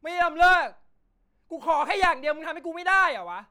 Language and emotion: Thai, angry